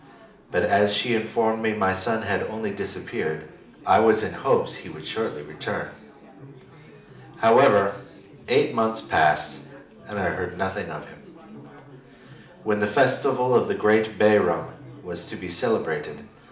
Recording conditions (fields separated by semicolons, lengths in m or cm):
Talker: one person; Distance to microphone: 2.0 m; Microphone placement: close; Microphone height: 99 cm; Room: medium-sized (5.7 m by 4.0 m); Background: babble